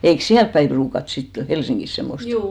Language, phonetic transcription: Finnish, 'eiks "siälp päim 'pruukat sitte , "Helsiŋgis semmost ?
- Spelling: eikös siellä päin ruukata sitten Helsingissä semmoista

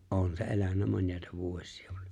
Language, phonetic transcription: Finnish, ’on se 'elännä 'mońjàeta "vuośɪ₍ᴀ .
- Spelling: on se elänyt monia vuosia

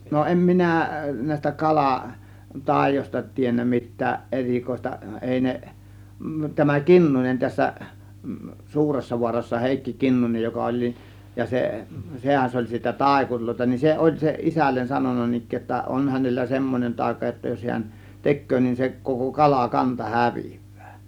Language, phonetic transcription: Finnish, no 'ˀem "minä̀ , nä̀ės̆tä "kala , 'tàėjośta tiennä 'mit̆tääˀ "ˀerikoista 'èi ne , tämä "Kinnunen tässä , 'Suuressavuarassa "Hèikki "Kinnunej joka oĺ nin , ja 'se , 'sehän s oĺ siitä "tàėkuŕlòėta , nin 'se ˀoĺ se 'isällen 'sanon̆na 'nin ‿ik̆kee jotta , "on hänellä "semmonen 'tàėka jotta jos hiän , 'tek̆köö nin se koko 'kala 'kanta "hävIVVÄÄ .
- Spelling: no en minä näistä kala taioista tiennyt mitään erikoista ei ne tämä Kinnunen tässä Suuressavaarassa Heikki Kinnunen joka oli niin ja se sehän se ol siitä taikureita niin se oli se isälle sanonut niin ikään jotta on hänellä semmoinen taika jotta jos hän tekee niin se koko - kalakanta häviää

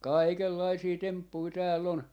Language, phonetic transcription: Finnish, "kàikellaisii 'temppui 'tääl'l ‿on .
- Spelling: kaikenlaisia temppuja täällä on

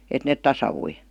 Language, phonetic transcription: Finnish, 'et net "tasaVui .
- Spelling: että ne tasaantui

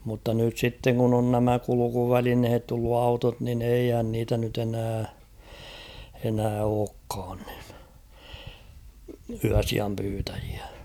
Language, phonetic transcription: Finnish, mutta nyt 'sitteŋ kun ‿on nämä 'kuluku'välinhet tullu "autot nin 'eihän niitä nyt ‿enää , enää 'ookkaan ɴɪɴ , 'yäsiam pyytäᴊɪᴀ̈ .
- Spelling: mutta nyt sitten kun on nämä kulkuvälineet tullut autot niin eihän niitä nyt enää enää olekaan niin yösijan pyytäjiä

